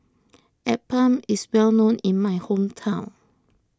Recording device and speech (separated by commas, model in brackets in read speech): close-talking microphone (WH20), read sentence